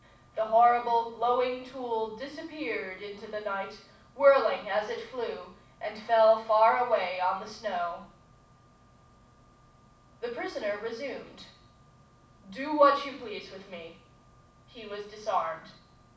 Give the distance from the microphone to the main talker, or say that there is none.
5.8 m.